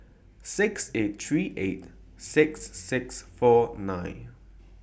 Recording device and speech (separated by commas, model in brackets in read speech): boundary microphone (BM630), read sentence